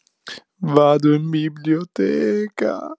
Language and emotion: Italian, sad